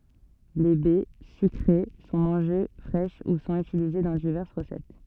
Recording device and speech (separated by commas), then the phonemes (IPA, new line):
soft in-ear microphone, read sentence
le bɛ sykʁe sɔ̃ mɑ̃ʒe fʁɛʃ u sɔ̃t ytilize dɑ̃ divɛʁs ʁəsɛt